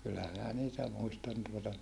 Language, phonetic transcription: Finnish, kyllä minä niitä muistan tuota .
- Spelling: kyllä minä niitä muistan tuota

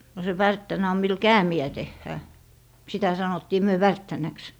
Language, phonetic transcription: Finnish, no se 'värttänä om mil "käämi₍ä 'tehhää , 'sitä 'sanottii "myö 'värttänäks .
- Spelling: no se värttänä on millä käämiä tehdään sitä sanottiin me värttänäksi

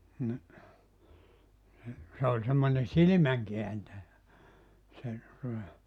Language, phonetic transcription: Finnish, ni , ni , 'se oĺ semmońe "silⁱmäŋkeäntäjä , se , tuᵒta .
- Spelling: niin niin se oli semmoinen silmänkääntäjä se tuota

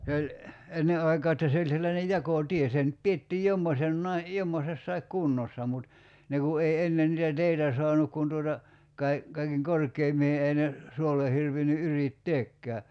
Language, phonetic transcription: Finnish, se oĺ , 'enne aikaa että 'se oĺ sellane "jakò'tie 'se nʸt 'piettiij "jommosennai , 'jommosessaik "kunnossa mut , ne ku 'ei 'ennen nitä 'teitä soanuk kun tuota , 'kai- , kaikeŋ "kork̀eim(mihe) 'ei ne , 'suolle hirvinny '’yrit"teekkää .
- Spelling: se oli ennen aikaa että se oli sellainen jakotie se nyt pidettiin jommoisenakin jommoisessakin kunnossa mutta ne kun ei ennen niitä teitä saanut kun tuota - kaiken korkeimpiin ei ne suolle hirvinnyt yrittääkään

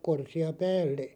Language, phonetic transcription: Finnish, 'korsi₍a 'päälle .
- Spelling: korsia päälle

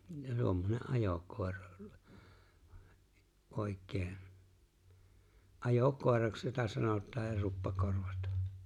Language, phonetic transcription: Finnish, 'tuommone’ '’ajòkòera , '’òik̆̆keen , '’ajò'kòeraks jota 'sanot̆taaj ja 'luppa'korvat .
- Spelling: tuommoinen ajokoira oikein ajokoiraksi jota sanotaan ja luppakorvat

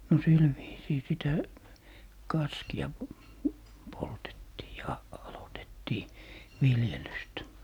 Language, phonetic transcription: Finnish, no 'sil viisii "sitä , "kaski₍a , 'poltettii "ja 'alotettii , 'viljelyst .
- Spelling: no sillä viisiin sitä kaskea poltettiin ja aloitettiin viljelystä

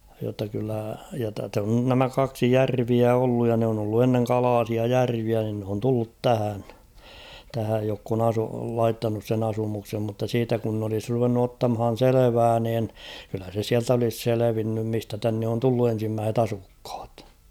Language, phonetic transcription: Finnish, jotta kyllä ja tä(s̭) ‿on 'nämä 'kaksi "järviä 'olluj ja ne on ‿ollu 'enneŋ "kalaasia "järviä nin n ‿oon tullut 'tähän , tähäj jokk ‿on ‿asu- 'laittanus sen ‿'asumuksem mutta 'siitä kun n ‿olis ruvennu ottamhan̬ "selevää niin , kyllä se 'siält ‿olis 'selevinnym 'mistä tänne on 'tullu en̬simmääset ‿'asukh̬ᴀt .
- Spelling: jotta kyllä ja tässä on nämä kaksi järveä ollut ja ne on ollut ennen kalaisia järviä niin ne on tullut tähän tähän jotka on - laittanut sen asumuksen mutta siitä kun nyt olisi ruvennut ottamaan selvää niin kyllä se sieltä olisi selvinnyt mistä tänne on tullut ensimmäiset asukkaat

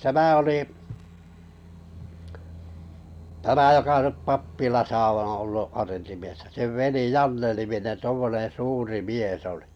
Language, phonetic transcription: Finnish, 'tämä olì , 'tämä joka 'nyp "pappilasa oo̰ ollu 'arentimiessä sev 'veli "Janne-niminen 'tuommoneḛ 'suuri "miesˢ ‿olɪ .
- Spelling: tämä oli tämä joka nyt pappilassa on ollut arentimiehenä sen veli Janne-niminen tuommoinen suuri mies oli

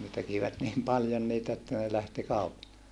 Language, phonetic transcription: Finnish, ne tekivät niim paljon niitä että ne lähti kaupa(lle) .
- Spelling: ne tekivät niin paljon niitä että ne lähti kaupalle

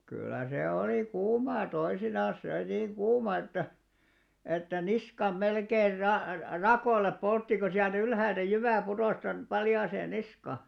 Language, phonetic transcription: Finnish, 'kyllä se 'olì "kuumaa 'toisinan̬s (siä oli) niiŋ 'ɢuuma että , että "niskam 'melkeir ra- "rakoⁱl̆lep 'poltti ko siäl't ‿ylhäältä 'jyvä̀ 'putòs tonp 'paljaasee niska .
- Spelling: kyllä se oli kuumaa toisinaan siellä oli niin kuuma että että niskan melkein - rakoille poltti kun sieltä ylhäältä jyvä putosi tuonne paljaaseen niskaan

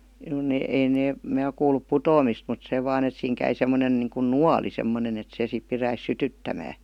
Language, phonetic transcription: Finnish, (no ne) ei 'nee , mää ok kuulup "putoomist mut 'se "vaan ‿et siiŋ käi semmonen niiŋkun "nuali 'semmonen ‿et 'se sip piräis "sytyttämää .
- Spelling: no ne ei ne minä ole kuullut putoamista mutta se vain että siinä kävi semmoinen niin kuin nuoli semmoinen että se sitten pitäisi sytyttämän

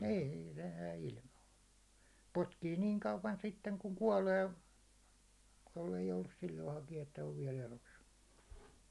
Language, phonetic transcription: Finnish, niin̬ se jää ilmaa , potkii 'niiŋ 'kauvan sitteŋ kuŋ 'kuålee , jollei joulus 'silloi hakija että ov viɛ'l ‿elos .
- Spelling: niin se jää ilmaan potkii niin kauan sitten kun kuolee jos ei joudu silloin hakija että on vielä elossa

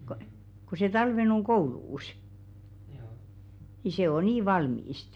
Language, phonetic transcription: Finnish, ko , ku se "talven oŋ 'ɢouluus , ni se o 'nii "valmiist .
- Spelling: kun kun se talven on koulussa niin se on niin valmista

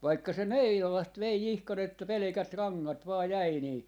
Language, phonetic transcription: Finnish, vaikka se "Meirolost 'vei 'ihkan ‿että "pelᵉkät "raŋŋat 'vaa 'jäi nii , .
- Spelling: vaikka se Meirolasta vei ihan että pelkät rangat vain jäi niin

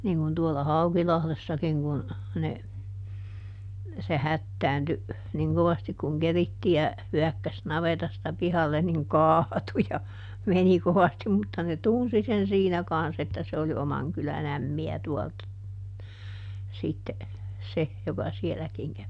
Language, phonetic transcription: Finnish, niiŋ kun tuolla "Haukilahlessakiŋ kun , ne , se ˈhättäänty , ˈniŋ kovastik kuŋ ˈkerittijä , ˈhyäkkäs ˈnavetasta ˈpihallen niŋ "kaatu ja , ˈmeni ˈkovastim mutta ne "tunsi sen ˈsiinä ˈkans että se oli ˈomaŋ kyläˈn ‿ämmi₍ä tuɔlt , ˈsitte , ˈse , joka ˈsieläkiŋ kävi .
- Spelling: niin kuin tuolla Haukilahdessakin kun ne se hätääntyi niin kovasti kun keritsijä hyökkäsi navetasta pihalle niin kaatui ja meni kovasti mutta ne tunsi sen siinä kanssa että se oli oman kylän ämmiä tuolta sitten se joka sielläkin kävi

